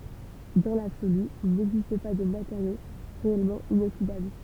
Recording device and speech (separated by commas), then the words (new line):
temple vibration pickup, read sentence
Dans l'absolu, il n'existe pas de matériau réellement inoxydable.